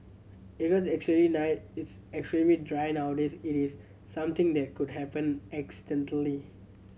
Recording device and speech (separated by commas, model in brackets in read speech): mobile phone (Samsung C7100), read sentence